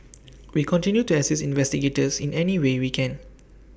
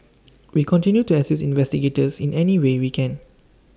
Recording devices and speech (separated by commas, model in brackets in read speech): boundary microphone (BM630), standing microphone (AKG C214), read sentence